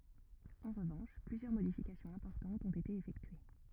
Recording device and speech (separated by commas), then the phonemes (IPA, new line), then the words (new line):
rigid in-ear microphone, read sentence
ɑ̃ ʁəvɑ̃ʃ plyzjœʁ modifikasjɔ̃z ɛ̃pɔʁtɑ̃tz ɔ̃t ete efɛktye
En revanche plusieurs modifications importantes ont été effectuées.